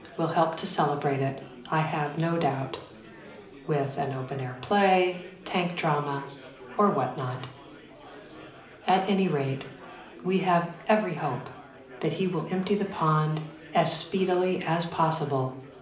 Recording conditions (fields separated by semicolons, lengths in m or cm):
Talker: one person; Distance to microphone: 2.0 m; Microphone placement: close; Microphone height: 99 cm; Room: medium-sized (5.7 m by 4.0 m); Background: babble